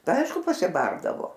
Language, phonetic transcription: Lithuanian, tai ˈaišku pasiˈbardavo

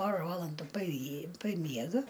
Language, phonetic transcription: Lithuanian, ˈpora ˈvalandu paˈjy paˈmiega

